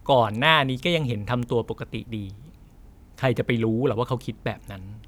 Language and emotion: Thai, frustrated